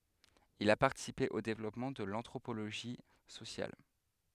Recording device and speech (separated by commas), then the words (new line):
headset microphone, read sentence
Il a participé au développement de l'anthropologie sociale.